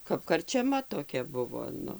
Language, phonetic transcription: Lithuanian, kap karčeˈma toˈkia ˈbuvo ˈnu

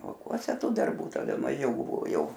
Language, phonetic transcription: Lithuanian, lauˈkuose ˈtų darˈbų taˈda maˈžiau ˈbuvo ˈjau

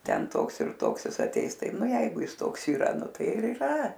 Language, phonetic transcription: Lithuanian, ˈten ˈtoks ir ˈtoks ˈjis aˈteis ˈtai ˈnu ˈjeigu ˈjis ˈtoks yˈra ˈnu ˈtai ir yˈra

